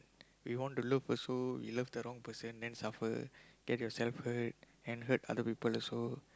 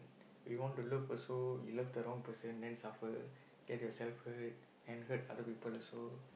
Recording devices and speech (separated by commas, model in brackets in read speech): close-talking microphone, boundary microphone, conversation in the same room